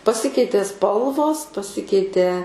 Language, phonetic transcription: Lithuanian, paˈsikeitė ˈspalvos paˈsikeitė

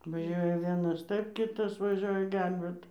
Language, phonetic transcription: Lithuanian, vaˈžiuoja ˈvienas ˈtaip ˈkitas vaˈžioja ˈgelbėt

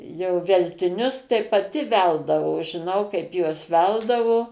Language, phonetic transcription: Lithuanian, jau veltiˈnius tai paˈti ˈveldavo žiˈnau ˈkaip ˈjuos ˈveldavo

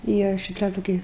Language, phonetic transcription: Lithuanian, ˈyra šiˈta toˈki

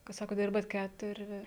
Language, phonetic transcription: Lithuanian, kad ˈsakot ˈdirbat ˈkæturi

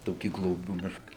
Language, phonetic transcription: Lithuanian, ˈtokį gloˈbių ˈmiška

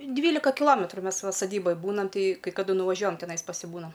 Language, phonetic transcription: Lithuanian, ˈdvylika kiˈlometru ˈmes ˈva saˈdyboj ˈbūnam ˈtai kai kaˈdu nuvaˈžiuojam teˈnais pasiˈbūnam

